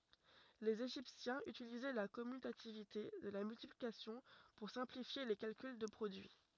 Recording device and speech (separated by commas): rigid in-ear microphone, read sentence